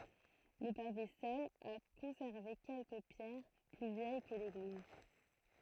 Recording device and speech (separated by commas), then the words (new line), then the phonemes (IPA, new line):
throat microphone, read sentence
Le pavé seul a conservé quelques pierres plus vieilles que l'église.
lə pave sœl a kɔ̃sɛʁve kɛlkə pjɛʁ ply vjɛj kə leɡliz